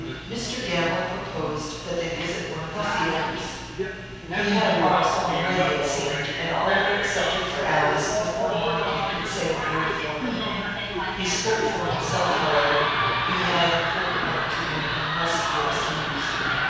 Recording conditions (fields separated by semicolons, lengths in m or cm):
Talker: one person; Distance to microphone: 7.1 m; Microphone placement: far; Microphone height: 1.7 m; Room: very reverberant, large; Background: television